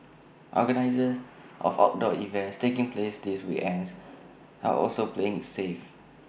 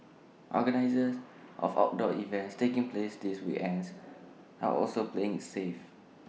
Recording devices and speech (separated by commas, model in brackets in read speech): boundary microphone (BM630), mobile phone (iPhone 6), read sentence